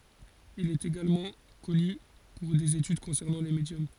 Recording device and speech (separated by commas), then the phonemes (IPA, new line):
forehead accelerometer, read sentence
il ɛt eɡalmɑ̃ kɔny puʁ dez etyd kɔ̃sɛʁnɑ̃ le medjɔm